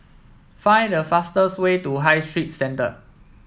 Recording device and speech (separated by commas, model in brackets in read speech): mobile phone (iPhone 7), read sentence